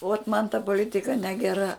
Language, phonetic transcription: Lithuanian, ot man ta poˈlitika negeˈra

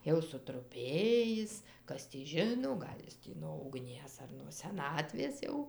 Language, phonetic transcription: Lithuanian, ˈjau sutruˈpėjis ˈkas tį ˈžino ˈgal' jis tį no ugˈnies ar nuo seˈnatvės ˈjau

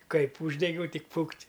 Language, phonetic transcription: Lithuanian, ˈkaip ˈūždegiau ˈtik ˈfukt'

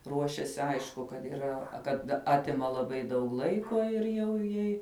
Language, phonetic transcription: Lithuanian, ˈruošesi ˈaišku kad yˈra kad ˈatima laˈbai daug ˈlaiko ir ˈjau ˈjai

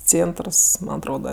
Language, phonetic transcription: Lithuanian, ˈcėntrs man atˈroda

